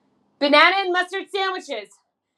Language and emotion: English, surprised